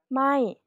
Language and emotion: Thai, neutral